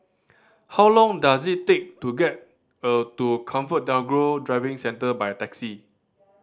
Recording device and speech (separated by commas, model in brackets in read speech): standing microphone (AKG C214), read sentence